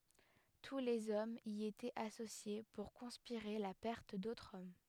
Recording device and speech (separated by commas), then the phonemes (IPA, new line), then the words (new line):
headset microphone, read sentence
tu lez ɔmz i etɛt asosje puʁ kɔ̃spiʁe la pɛʁt dotʁz ɔm
Tous les hommes y étaient associés pour conspirer la perte d'autres hommes.